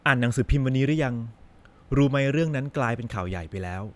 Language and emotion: Thai, neutral